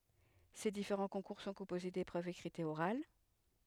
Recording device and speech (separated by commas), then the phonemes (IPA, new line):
headset microphone, read sentence
se difeʁɑ̃ kɔ̃kuʁ sɔ̃ kɔ̃poze depʁøvz ekʁitz e oʁal